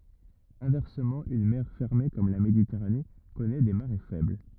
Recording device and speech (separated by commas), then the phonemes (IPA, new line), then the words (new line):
rigid in-ear microphone, read sentence
ɛ̃vɛʁsəmɑ̃ yn mɛʁ fɛʁme kɔm la meditɛʁane kɔnɛ de maʁe fɛbl
Inversement, une mer fermée comme la Méditerranée connaît des marées faibles.